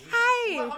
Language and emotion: Thai, happy